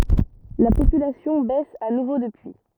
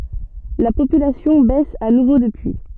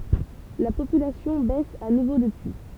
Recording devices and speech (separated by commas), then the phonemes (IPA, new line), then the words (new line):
rigid in-ear microphone, soft in-ear microphone, temple vibration pickup, read sentence
la popylasjɔ̃ bɛs a nuvo dəpyi
La population baisse à nouveau depuis.